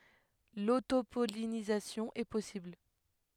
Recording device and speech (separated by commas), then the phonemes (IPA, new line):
headset microphone, read sentence
lotopɔlinizasjɔ̃ ɛ pɔsibl